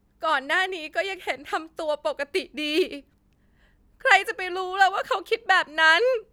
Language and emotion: Thai, sad